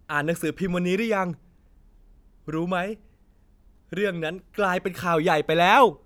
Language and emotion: Thai, happy